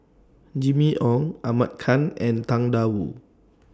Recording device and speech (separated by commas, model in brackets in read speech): standing microphone (AKG C214), read sentence